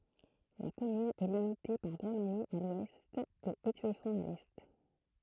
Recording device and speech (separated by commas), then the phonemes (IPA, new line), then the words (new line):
throat microphone, read sentence
la kɔmyn ɛ limite paʁ ɡʁɔsmaɲi a lwɛst e etyɛfɔ̃t a lɛ
La commune est limitée par Grosmagny à l'ouest et Étueffont à l'est.